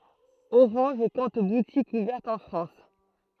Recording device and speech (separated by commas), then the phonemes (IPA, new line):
throat microphone, read sentence
oʁɑ̃ʒ kɔ̃t butikz uvɛʁtz ɑ̃ fʁɑ̃s